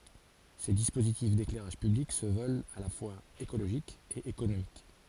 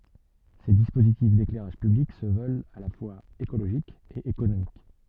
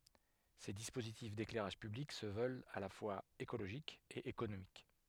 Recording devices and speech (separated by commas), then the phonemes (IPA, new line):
forehead accelerometer, soft in-ear microphone, headset microphone, read sentence
se dispozitif deklɛʁaʒ pyblik sə vœlt a la fwaz ekoloʒik e ekonomik